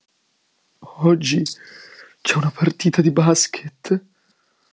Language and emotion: Italian, fearful